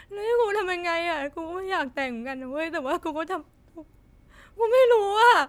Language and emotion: Thai, sad